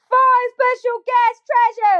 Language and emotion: English, happy